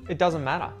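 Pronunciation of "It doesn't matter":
In 'It doesn't matter', the t at the end of 'doesn't', after the n, is muted.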